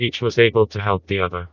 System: TTS, vocoder